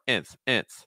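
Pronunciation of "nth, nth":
The final syllable of 'seventh' is said twice on its own with a short i sound, like 'inth', rather than a schwa sound like 'unth'.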